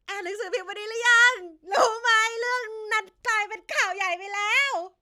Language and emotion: Thai, happy